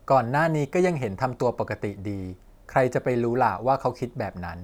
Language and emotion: Thai, neutral